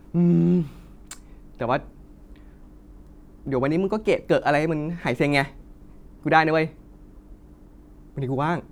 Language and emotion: Thai, frustrated